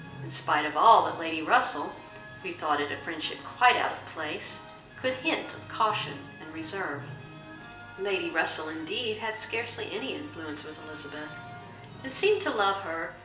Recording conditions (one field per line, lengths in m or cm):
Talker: one person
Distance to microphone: 1.8 m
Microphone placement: close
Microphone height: 1.0 m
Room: large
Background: television